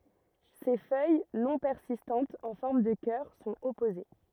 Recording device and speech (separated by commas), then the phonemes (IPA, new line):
rigid in-ear microphone, read sentence
se fœj nɔ̃ pɛʁsistɑ̃tz ɑ̃ fɔʁm də kœʁ sɔ̃t ɔpoze